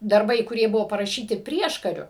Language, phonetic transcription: Lithuanian, darˈbai kuˈrie ˈbuvo paraˈšyti ˈprieškariu

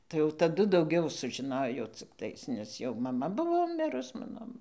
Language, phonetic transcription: Lithuanian, tai jau taˈdu dauˈgiau sužiˈnojo cikˈtais nes jau maˈma ˈbuvo ˈmirus ˈmano

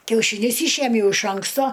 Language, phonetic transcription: Lithuanian, kiaušyˈnius ˈyšiemjau iš ˈanksto

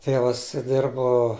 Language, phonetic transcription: Lithuanian, ˈtėvas ˈdirbo

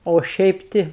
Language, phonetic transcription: Lithuanian, o ˈšiaip ˈti

